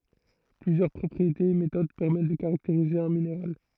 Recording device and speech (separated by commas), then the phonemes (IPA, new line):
throat microphone, read sentence
plyzjœʁ pʁɔpʁietez e metod pɛʁmɛt də kaʁakteʁize œ̃ mineʁal